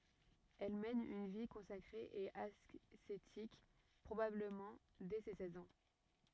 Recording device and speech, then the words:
rigid in-ear microphone, read sentence
Elle mène une vie consacrée et ascétique, probablement dès ses seize ans.

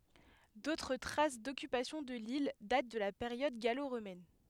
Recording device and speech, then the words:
headset microphone, read sentence
D'autres traces d'occupation de l'île datent de la période gallo-romaine.

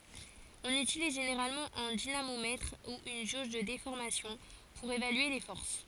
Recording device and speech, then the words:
forehead accelerometer, read sentence
On utilise généralement un dynamomètre ou une jauge de déformation pour évaluer les forces.

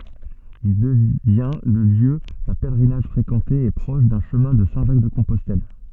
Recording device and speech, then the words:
soft in-ear microphone, read sentence
Il devient le lieu d’un pèlerinage fréquenté et proche d’un chemin de Saint-Jacques-de-Compostelle.

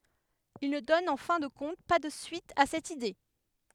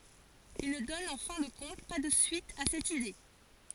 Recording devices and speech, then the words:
headset microphone, forehead accelerometer, read sentence
Il ne donne en fin de compte pas de suite à cette idée.

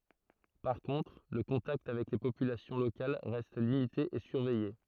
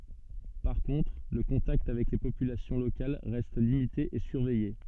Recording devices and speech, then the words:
throat microphone, soft in-ear microphone, read sentence
Par contre, le contact avec les populations locales reste limité et surveillé.

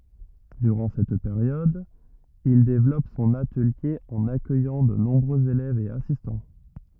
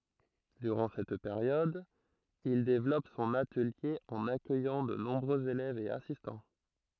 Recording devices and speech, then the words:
rigid in-ear microphone, throat microphone, read sentence
Durant cette période, il développe son atelier en accueillant de nombreux élèves et assistants.

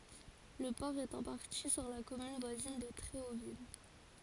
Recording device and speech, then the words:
forehead accelerometer, read sentence
Le port est en partie sur la commune voisine de Tréauville.

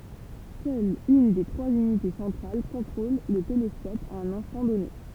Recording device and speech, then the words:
temple vibration pickup, read sentence
Seule une des trois unités centrales contrôle le télescope à un instant donné.

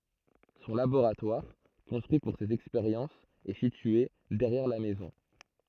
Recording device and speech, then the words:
throat microphone, read sentence
Son laboratoire, construit pour ses expériences est situé derrière la maison.

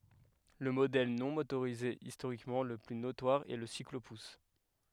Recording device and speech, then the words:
headset microphone, read sentence
Le modèle non motorisé historiquement le plus notoire est le cyclo-pousse.

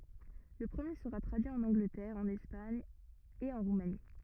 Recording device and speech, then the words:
rigid in-ear microphone, read sentence
Le premier sera traduit en Angleterre, en Espagne et en Roumanie.

